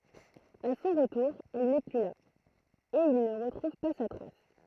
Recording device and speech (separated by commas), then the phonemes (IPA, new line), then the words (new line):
throat microphone, read sentence
a sɔ̃ ʁətuʁ ɛl nɛ ply la e il nə ʁətʁuv pa sa tʁas
A son retour, elle n'est plus là, et il ne retrouve pas sa trace.